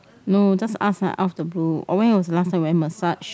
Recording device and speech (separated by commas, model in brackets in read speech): close-talking microphone, conversation in the same room